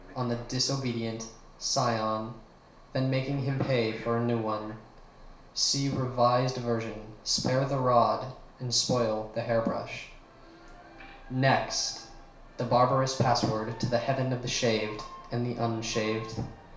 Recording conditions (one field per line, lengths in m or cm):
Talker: one person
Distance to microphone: 1.0 m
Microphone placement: close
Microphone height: 1.1 m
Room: small (3.7 m by 2.7 m)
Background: television